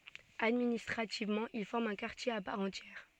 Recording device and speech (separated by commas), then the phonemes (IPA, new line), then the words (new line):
soft in-ear microphone, read sentence
administʁativmɑ̃ il fɔʁm œ̃ kaʁtje a paʁ ɑ̃tjɛʁ
Administrativement, il forme un quartier à part entière.